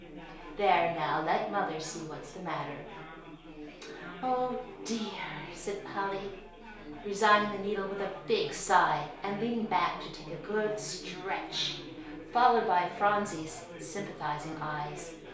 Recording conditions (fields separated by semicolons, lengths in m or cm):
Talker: one person; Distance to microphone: 1.0 m; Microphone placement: close; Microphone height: 1.1 m; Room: small (3.7 m by 2.7 m); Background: babble